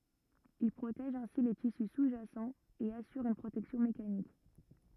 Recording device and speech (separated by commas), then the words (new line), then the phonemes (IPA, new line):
rigid in-ear microphone, read sentence
Il protège ainsi les tissus sous-jacent et assure une protection mécanique.
il pʁotɛʒ ɛ̃si le tisy suzʒasɑ̃ e asyʁ yn pʁotɛksjɔ̃ mekanik